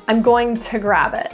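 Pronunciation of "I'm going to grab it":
In "I'm going to grab it", "to" sounds like "ta" before "grab", as if only the T is pronounced.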